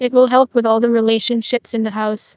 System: TTS, neural waveform model